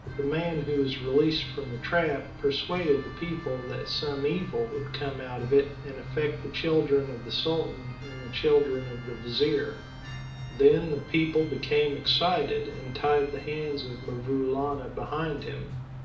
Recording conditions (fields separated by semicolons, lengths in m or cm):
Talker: one person; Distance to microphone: 2.0 m; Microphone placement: close; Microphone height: 99 cm; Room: medium-sized (5.7 m by 4.0 m); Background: music